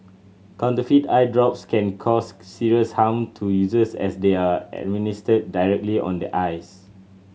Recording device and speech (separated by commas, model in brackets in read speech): mobile phone (Samsung C7100), read sentence